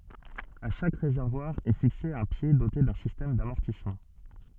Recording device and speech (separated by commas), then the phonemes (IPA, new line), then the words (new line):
soft in-ear microphone, read sentence
a ʃak ʁezɛʁvwaʁ ɛ fikse œ̃ pje dote dœ̃ sistɛm damɔʁtismɑ̃
À chaque réservoir est fixé un pied doté d'un système d'amortissement.